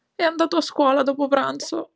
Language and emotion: Italian, sad